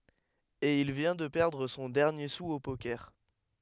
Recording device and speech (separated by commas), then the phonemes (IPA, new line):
headset microphone, read sentence
e il vjɛ̃ də pɛʁdʁ sɔ̃ dɛʁnje su o pokɛʁ